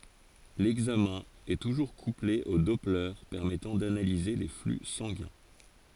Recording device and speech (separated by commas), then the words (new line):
forehead accelerometer, read sentence
L'examen est toujours couplé au doppler permettant d'analyser les flux sanguins.